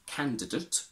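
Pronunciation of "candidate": In 'candidate', the final 'ate' ending is said with a schwa.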